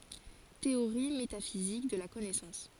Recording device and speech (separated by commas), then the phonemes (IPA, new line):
forehead accelerometer, read sentence
teoʁi metafizik də la kɔnɛsɑ̃s